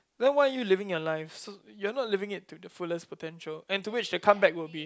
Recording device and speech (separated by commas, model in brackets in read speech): close-talking microphone, conversation in the same room